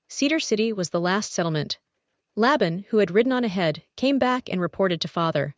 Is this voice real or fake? fake